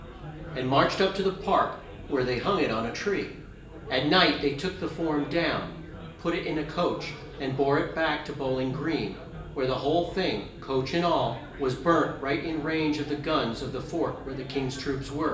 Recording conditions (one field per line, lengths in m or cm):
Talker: one person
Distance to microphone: 1.8 m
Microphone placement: close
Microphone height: 1.0 m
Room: large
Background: babble